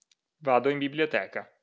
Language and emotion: Italian, neutral